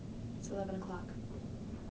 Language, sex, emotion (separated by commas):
English, female, neutral